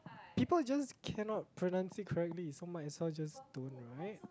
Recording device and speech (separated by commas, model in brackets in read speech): close-talking microphone, conversation in the same room